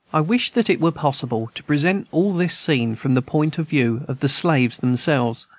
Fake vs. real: real